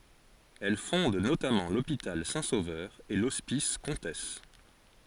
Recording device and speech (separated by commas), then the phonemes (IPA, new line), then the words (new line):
forehead accelerometer, read sentence
ɛl fɔ̃d notamɑ̃ lopital sɛ̃ sovœʁ e lɔspis kɔ̃tɛs
Elle fonde notamment l'hôpital Saint-Sauveur et l'hospice Comtesse.